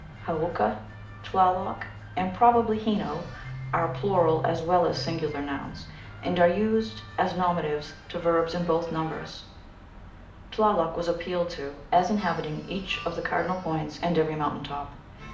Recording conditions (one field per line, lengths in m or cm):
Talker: one person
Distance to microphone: 2.0 m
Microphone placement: close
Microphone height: 99 cm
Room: medium-sized (5.7 m by 4.0 m)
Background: music